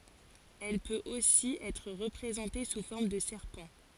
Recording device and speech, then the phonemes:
forehead accelerometer, read sentence
ɛl pøt osi ɛtʁ ʁəpʁezɑ̃te su fɔʁm də sɛʁpɑ̃

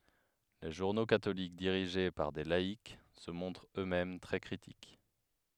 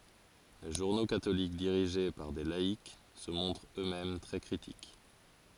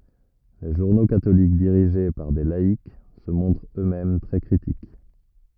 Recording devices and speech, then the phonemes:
headset microphone, forehead accelerometer, rigid in-ear microphone, read sentence
le ʒuʁno katolik diʁiʒe paʁ de laik sə mɔ̃tʁt ø mɛm tʁɛ kʁitik

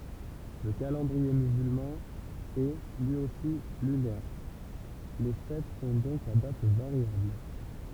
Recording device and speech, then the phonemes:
temple vibration pickup, read sentence
lə kalɑ̃dʁie myzylmɑ̃ ɛ lyi osi lynɛʁ le fɛt sɔ̃ dɔ̃k a dat vaʁjabl

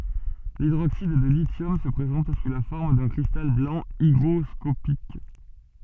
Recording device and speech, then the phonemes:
soft in-ear microphone, read sentence
lidʁoksid də lisjɔm sə pʁezɑ̃t su la fɔʁm dœ̃ kʁistal blɑ̃ iɡʁɔskopik

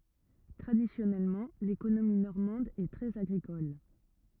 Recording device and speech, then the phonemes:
rigid in-ear microphone, read sentence
tʁadisjɔnɛlmɑ̃ lekonomi nɔʁmɑ̃d ɛ tʁɛz aɡʁikɔl

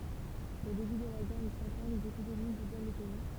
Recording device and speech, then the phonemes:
temple vibration pickup, read sentence
o deby də la ɡɛʁ də sɑ̃ ɑ̃ dez epidemi dezolɑ̃ lə pɛi

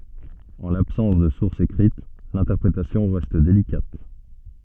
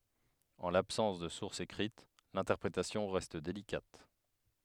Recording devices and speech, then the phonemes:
soft in-ear microphone, headset microphone, read sentence
ɑ̃ labsɑ̃s də suʁsz ekʁit lɛ̃tɛʁpʁetasjɔ̃ ʁɛst delikat

